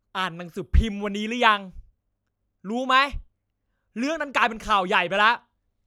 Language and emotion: Thai, angry